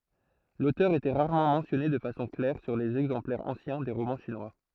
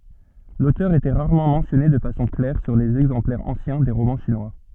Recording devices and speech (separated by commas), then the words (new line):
throat microphone, soft in-ear microphone, read sentence
L’auteur était rarement mentionné de façon claire sur les exemplaires anciens des romans chinois.